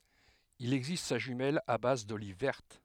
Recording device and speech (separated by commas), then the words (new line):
headset microphone, read sentence
Il existe sa jumelle à base d'olives vertes.